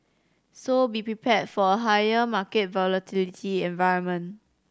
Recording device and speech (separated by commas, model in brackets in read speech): standing microphone (AKG C214), read sentence